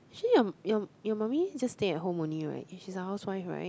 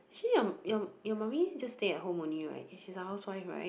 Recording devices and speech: close-talking microphone, boundary microphone, conversation in the same room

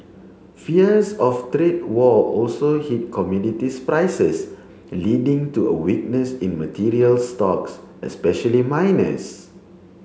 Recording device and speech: mobile phone (Samsung C7), read sentence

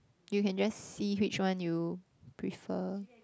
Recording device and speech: close-talking microphone, conversation in the same room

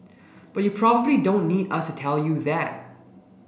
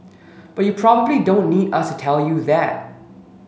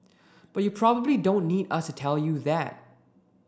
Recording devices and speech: boundary microphone (BM630), mobile phone (Samsung S8), standing microphone (AKG C214), read sentence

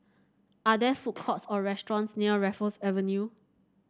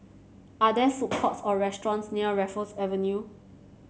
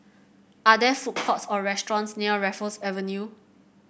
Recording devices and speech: standing microphone (AKG C214), mobile phone (Samsung C7), boundary microphone (BM630), read sentence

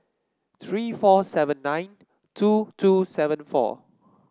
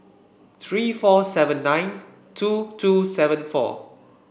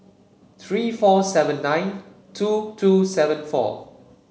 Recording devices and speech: standing microphone (AKG C214), boundary microphone (BM630), mobile phone (Samsung C7), read sentence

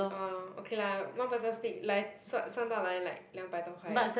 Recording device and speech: boundary microphone, conversation in the same room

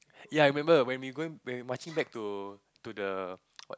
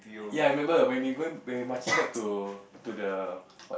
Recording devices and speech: close-talking microphone, boundary microphone, conversation in the same room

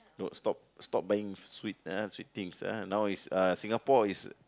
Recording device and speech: close-talking microphone, conversation in the same room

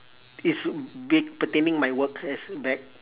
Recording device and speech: telephone, conversation in separate rooms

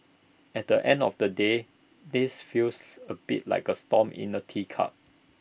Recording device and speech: boundary microphone (BM630), read sentence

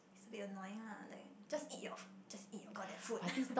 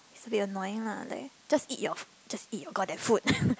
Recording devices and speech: boundary microphone, close-talking microphone, conversation in the same room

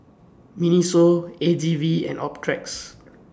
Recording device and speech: standing microphone (AKG C214), read sentence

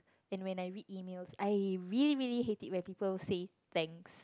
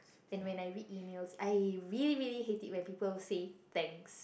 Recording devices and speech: close-talking microphone, boundary microphone, conversation in the same room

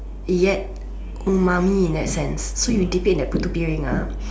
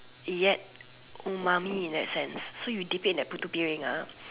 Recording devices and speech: standing microphone, telephone, conversation in separate rooms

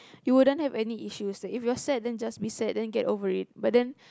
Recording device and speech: close-talking microphone, conversation in the same room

